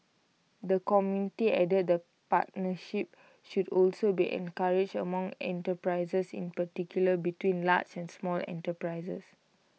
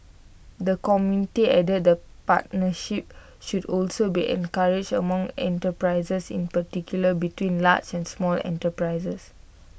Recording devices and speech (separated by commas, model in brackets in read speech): mobile phone (iPhone 6), boundary microphone (BM630), read sentence